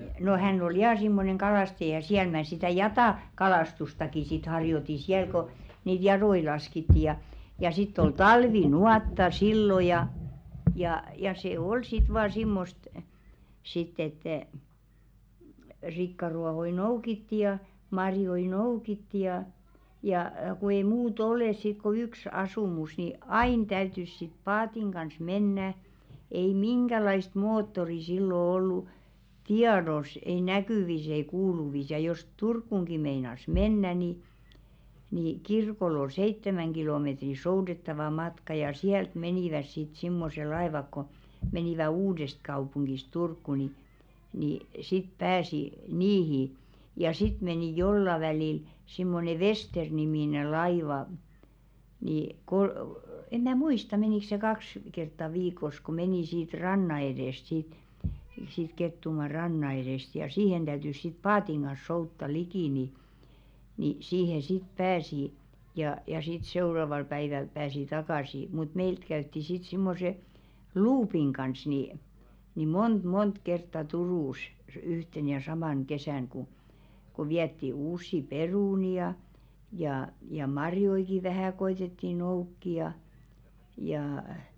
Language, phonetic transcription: Finnish, no 'hänn ‿ol "jaa simmoneŋ 'kalàstaja siäl 'mä̀ sitä̀ "jatà- , -'kalàstustaki sit harjoti 'siäl ko , niit 'jaðoi 'laskitti ja , ja sitt ‿ol "talvi'nuàtta 'sillo ja , jà , ja se 'ol sit vaa 'simmost , sitt ‿ettɛ̀ , 'rikkaruahoi "noukitti ja , 'marjoi "noukitti ja , jà , ku ei muu't ‿olès sit ko 'yks 'asùmus ni , "aìn 'täytys sit 'paatiŋ ɢans "mennä , ei "miŋɢälaist 'moottori sillo ollu , "tiados ei 'näkỳvis ei 'kuuluvis ja jos 'Turkkuŋɢi meinas "mennä ni , ni 'kirkoll ‿ol "seittemäŋ ɢilòmetri "soudettava 'matka ja 'siält 'menìväs sit simmose 'laevak ko , 'menìvä "Uudesᵗkaupuŋɢis 'Turkku ni , ni sit 'pääsi "niihi , ja 'sit 'menì "jolla välìl simmone "Vester-nimìne 'laiva , ni , kol- , 'em mä̀ "muista 'menìkˢ se 'kaks , kertta "viik̀os ku 'menì siit "ranna edèst sìt , siit Kettumaa "ranna eðèst ja "siihen 'ᴅäytys sit 'paatiŋ ɢan̬s soutta 'likì ni , ni 'siihe "sit 'pääsi , ja ja sit 'seu̬raval päiväl 'pääsi "takàsi , mut "meilt käytti sit 'simmose , "luupiŋ ɢans ni , ni "mont 'mont kertta 'Turùs , 'yhten ja "samàn 'kesä̀n ku , ku 'viätti 'uussi "perùni ja , jà ja 'marjoiki vähä̀ 'koitetti 'noukki ja , jaa .
- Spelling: no hän oli ja semmoinen kalastaja siellä minä sitä - jatakalastustakin sitten harjoitin siellä kun niitä jatoja laskettiin ja ja sitten oli talvinuotta silloin ja ja ja se oli sitten vain semmoista sitten että ei rikkaruohoja noukittiin ja marjoja noukittiin ja ja kun ei muuta ole sitten kuin yksi asumus niin aina täytyi sitten paatin kanssa mennä ei minkälaista moottoria silloin ollut tiedossa ei näkyvissä ei kuuluvissa ja jos Turkuunkin meinasi mennä niin niin kirkolle oli seitsemän kilometriä soudettava matka ja sieltä menivät sitten semmoiset laivat kun menivät Uudestakaupungista Turkuun niin niin sitten pääsi niihin ja sitten meni jollakin välillä semmoinen Vester-niminen laiva niin - en minä muista menikö se kaksi kertaa viikossa kun meni siitä rannan edestä sitten siitä Kettumaan rannan edestä ja siihen täytyi sitten paatin kanssa soutaa liki niin niin siihen sitten pääsi ja ja sitten seuraavalla päivällä pääsi takaisin mutta meiltä käytiin sitten semmoisen luupin kanssa niin niin monta monta kertaa Turussa yhtenä ja samana kesänä kun kun vietiin uusia perunoita ja ja ja marjojakin vähän koetettiin noukkia ja ja

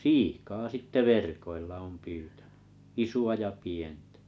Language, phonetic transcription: Finnish, siikaa sitte 'verkoilla òm 'pyytᴀ̈ɴʏ , 'isu₍a ja 'pientᴀ̈ .
- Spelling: siikaa sitten verkoilla olen pyytänyt isoa ja pientä

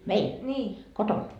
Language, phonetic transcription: Finnish, "meil , "koton ?
- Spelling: meillä kotona

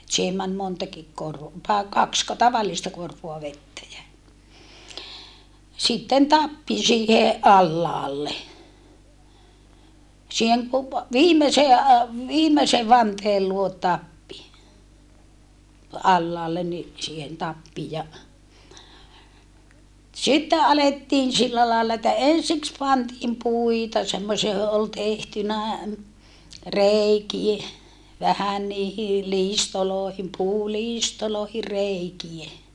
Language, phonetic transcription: Finnish, et siihem män montakik kor- , tae kaksko tavallista korvoa vettä jä , sitten tappi siihe , ʼallaalle , siiheŋ ku- , viimesee a- , viimese vanteel luot tappi , allaallen ni , siihen tappi ja , sitte alettiin sillä laalla että ensiks pantiim puita semmosia (jo)ho ol tehtynä , reikie , vähän niihi , liistoloohim puuliistolòehir̆ reikie .
- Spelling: että siihen meni montakin - tai kaksiko tavallista korvoa vettä ja sitten tappi siihen alhaalle siihen - viimeiseen - viimeisen vanteen luo tappi alhaalle niin siihen tappi ja sitten alettiin sillä lailla että ensiksi pantiin puita semmoisia johon oli tehtynä reikiä vähän niihin liistoihin puuliistoihin reikiä

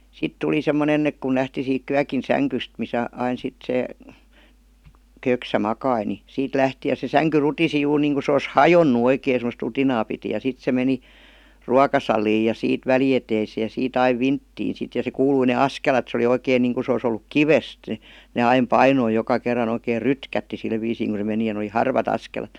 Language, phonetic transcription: Finnish, 'sit tuli semmonen ‿ek kun lähti siik 'kyäkin "säŋkyst misä ain sit 'se , 'köksä 'makai ni , 'siit lähti ja se 'säŋky "rutisi juur niiŋku se os "hajonnu oikei semost 'rutinaa piti ja 'sit se meni , "ruakasaliij ja 'siit 'väli₍eteiseej ja 'sii't ‿aiv "vinttiin sit ja se "kuului ne "askelat se oli 'oikeiŋ niiŋku se os ‿olluk "kivest , ne 'aim "painoi joka kerran ‿oikeer "rytkätti sil viisiiŋ ku se meni ja n ‿oli "harvat 'askelat .
- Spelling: sitten tuli semmoinen että kun lähti siitä kyökin sängystä missä aina sitten se köksä makasi niin siitä lähti ja se sänky rutisi juuri niin kuin se olisi hajonnut oikein semmoista rutinaa piti ja sitten se meni ruokasaliin ja siitä välieteiseen ja siitä aina vinttiin sitten ja se kuului ne askelet se oli oikein niin kuin se olisi ollut kivestä ne aina painoi joka kerran oikein rytkähti sillä viisiin kun se meni ja ne oli harvat askelet

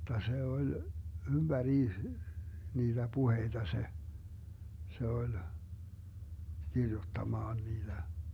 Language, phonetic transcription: Finnish, [j]otta 'se oĺ , 'ymBäriis , 'niiDä "puheiDa se , 'se oĺ , 'kirjuttamaan 'niiDä .
- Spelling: jotta se oli ympäriinsä niitä puheita se se oli kirjoittamaan niitä

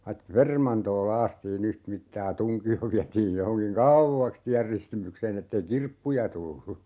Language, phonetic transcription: Finnish, vai "permantoo 'laastii'n ‿yht'mittaa (ja) "tuŋki₍o 'viätiij 'johoŋkiŋ "kauvvaks 'tiärristimykseen ‿ettei "kirppuja 'tullu .
- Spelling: vaiti permantoa laastiin yhtä mittaa ja tunkio vietiin johonkin kauaksi tienristimykseen että ei kirppuja tullut

